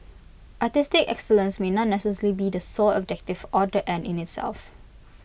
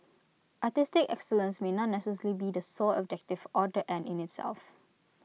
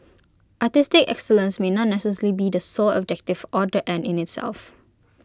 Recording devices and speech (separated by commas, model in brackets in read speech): boundary microphone (BM630), mobile phone (iPhone 6), close-talking microphone (WH20), read sentence